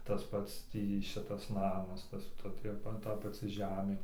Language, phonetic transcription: Lithuanian, tas ˈpats ˈtį ˈšitas ˈnamas ˈtas ˈta ˈtie ˈta paˈci ˈžemė

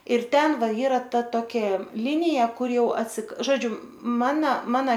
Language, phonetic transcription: Lithuanian, ir ˈten ˈva ˈyra ˈta ˈtokia ˈlinija ˈkur ˈjau atsik ˈžodžiu ˈmana ˈmana

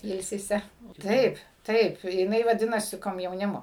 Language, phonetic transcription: Lithuanian, ˈilsise ˈtaip ˈtaip jiˈnai vaˈdinasi komjauˈnimo

